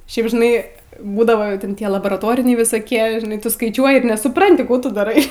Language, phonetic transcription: Lithuanian, ˈšiaip žiˈnai ˈbūdavo ˈten ˈtie laboraˈtoriniai visaˈkie žiˈnai ˈtu skaiˈčiuoji ir nesuˈpranti ˈkų tu daˈrai

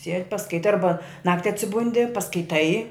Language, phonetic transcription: Lithuanian, sied' paskaiˈtai ˈarba ˈnakti atsiˈbundi paskaiˈtai

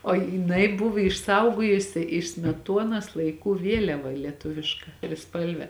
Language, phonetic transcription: Lithuanian, o jiˈnai ˈbuvo išˈsaugojusi iš smeˈtuonas laiˈkų ˈvieliava lieˈtuviška triˈspalve

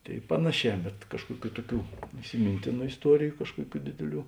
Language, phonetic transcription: Lithuanian, ˈtėi ˈpanaˌšē bet ˈkažkuoˌkių ˈtuoˌkių isiˈmintėnu isˈtuoriju ˈkažkuoˌkių ˈdėdėˌlių

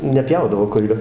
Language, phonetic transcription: Lithuanian, neˈpjaudavo ˈkuilio

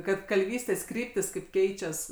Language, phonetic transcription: Lithuanian, ˈkad kalˈvystės ˈkryptys kaip ˈkeičias

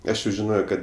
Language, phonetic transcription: Lithuanian, ˈaš jau žiˈnojo kad

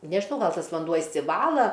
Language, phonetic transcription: Lithuanian, nežiˈnau ˈgal ˈtas vanˈduo išsiˈvala

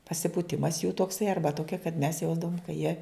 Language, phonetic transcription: Lithuanian, pasipūˈtimas jų tokˈsai ˈarba ˈtokia kad mes ˈjausdavom ka jie

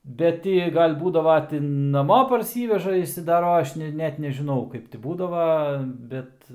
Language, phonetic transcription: Lithuanian, ˈbet ti ˈjie ˈgal' ˈbūdava ti naˈmo parˈsyveža išsidaˈroja ˈaš ne ˈnet nežiˈnau ˈkaip ti ˈbūdava ˈbet

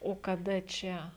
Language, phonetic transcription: Lithuanian, o kaˈda ˈčia

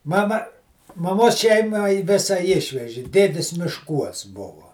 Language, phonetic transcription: Lithuanian, ˈmama maˈmos ˈšeima i ˈvėsa ˈišveži ˈdėdis mišˈkuos ˈbuvu

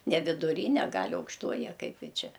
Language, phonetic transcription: Lithuanian, ne viduˈryne ˈgal' aukšˈtoji a ˈkaip ˈji ˈčia

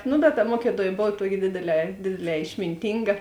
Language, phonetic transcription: Lithuanian, nu bet ta ˈmuokiˌtuoj ˈbov ˈtuoki ˈdėdėˌlē ˈdėdėˌlē išminˈtynga

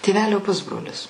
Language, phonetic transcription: Lithuanian, tėˈvelio ˈpusbrolis

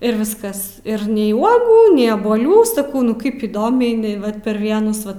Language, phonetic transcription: Lithuanian, ir ˈviskas ir nei ˈuogų nei abuoˈlių saˈkau nu ˈkaip įˈdomiai iˈnai ˈvat per ˈvienus ˈva

